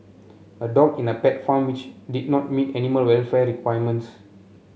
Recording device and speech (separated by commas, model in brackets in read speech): mobile phone (Samsung C7), read sentence